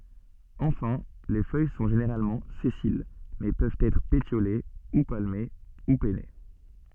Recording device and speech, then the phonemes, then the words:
soft in-ear microphone, read sentence
ɑ̃fɛ̃ le fœj sɔ̃ ʒeneʁalmɑ̃ sɛsil mɛ pøvt ɛtʁ petjole u palme u pɛne
Enfin les feuilles sont généralement sessiles mais peuvent être pétiolées, ou palmées ou pennées.

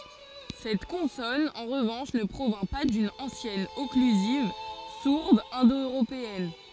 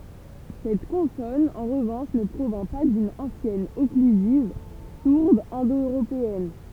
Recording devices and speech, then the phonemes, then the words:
forehead accelerometer, temple vibration pickup, read sentence
sɛt kɔ̃sɔn ɑ̃ ʁəvɑ̃ʃ nə pʁovjɛ̃ pa dyn ɑ̃sjɛn ɔklyziv suʁd ɛ̃do øʁopeɛn
Cette consonne, en revanche, ne provient pas d'une ancienne occlusive sourde indo-européenne.

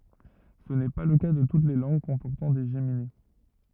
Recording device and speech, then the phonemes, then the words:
rigid in-ear microphone, read sentence
sə nɛ pa lə ka də tut le lɑ̃ɡ kɔ̃pɔʁtɑ̃ de ʒemine
Ce n'est pas le cas de toutes les langues comportant des géminées.

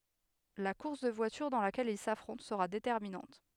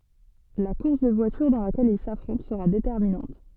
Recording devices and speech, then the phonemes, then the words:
headset microphone, soft in-ear microphone, read sentence
la kuʁs də vwatyʁ dɑ̃ lakɛl il safʁɔ̃t səʁa detɛʁminɑ̃t
La course de voitures dans laquelle ils s'affrontent sera déterminante.

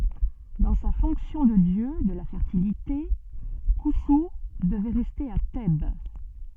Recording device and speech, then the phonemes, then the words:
soft in-ear microphone, read sentence
dɑ̃ sa fɔ̃ksjɔ̃ də djø də la fɛʁtilite kɔ̃su dəvɛ ʁɛste a tɛb
Dans sa fonction de dieu de la Fertilité, Khonsou devait rester à Thèbes.

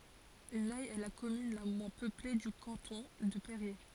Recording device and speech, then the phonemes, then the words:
forehead accelerometer, read sentence
nɛ ɛ la kɔmyn la mwɛ̃ pøple dy kɑ̃tɔ̃ də peʁje
Nay est la commune la moins peuplée du canton de Périers.

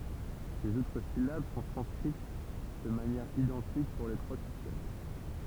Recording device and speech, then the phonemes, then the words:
temple vibration pickup, read sentence
lez otʁ silab sɔ̃ tʁɑ̃skʁit də manjɛʁ idɑ̃tik puʁ le tʁwa sistɛm
Les autres syllabes sont transcrites de manière identique pour les trois systèmes.

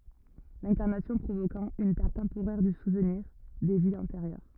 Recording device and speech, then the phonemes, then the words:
rigid in-ear microphone, read sentence
lɛ̃kaʁnasjɔ̃ pʁovokɑ̃ yn pɛʁt tɑ̃poʁɛʁ dy suvniʁ de viz ɑ̃teʁjœʁ
L'incarnation provoquant une perte temporaire du souvenir des vies antérieures.

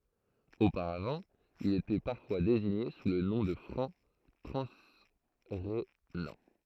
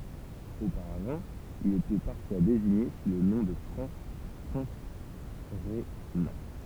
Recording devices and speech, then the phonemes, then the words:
throat microphone, temple vibration pickup, read sentence
opaʁavɑ̃ ilz etɛ paʁfwa deziɲe su lə nɔ̃ də fʁɑ̃ tʁɑ̃sʁenɑ̃
Auparavant, ils étaient parfois désignés sous le nom de Francs transrhénans.

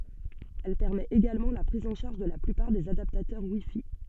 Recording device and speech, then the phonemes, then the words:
soft in-ear microphone, read sentence
ɛl pɛʁmɛt eɡalmɑ̃ la pʁiz ɑ̃ ʃaʁʒ də la plypaʁ dez adaptatœʁ wi fi
Elle permet également la prise en charge de la plupart des adaptateurs WiFi.

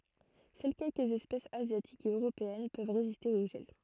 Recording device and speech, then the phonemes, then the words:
throat microphone, read sentence
sœl kɛlkəz ɛspɛsz azjatikz e øʁopeɛn pøv ʁeziste o ʒɛl
Seules quelques espèces asiatiques et européennes peuvent résister au gel.

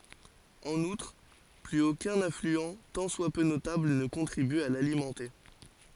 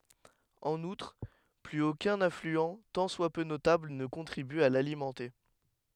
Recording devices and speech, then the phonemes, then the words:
forehead accelerometer, headset microphone, read sentence
ɑ̃n utʁ plyz okœ̃n aflyɑ̃ tɑ̃ swa pø notabl nə kɔ̃tʁiby a lalimɑ̃te
En outre, plus aucun affluent tant soit peu notable ne contribue à l'alimenter.

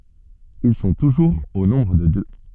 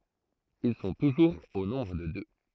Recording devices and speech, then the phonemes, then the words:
soft in-ear microphone, throat microphone, read sentence
il sɔ̃ tuʒuʁz o nɔ̃bʁ də dø
Ils sont toujours au nombre de deux.

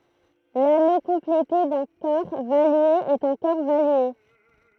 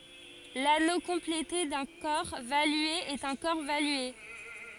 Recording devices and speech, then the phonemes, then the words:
throat microphone, forehead accelerometer, read sentence
lano kɔ̃plete dœ̃ kɔʁ valye ɛt œ̃ kɔʁ valye
L'anneau complété d'un corps valué est un corps valué.

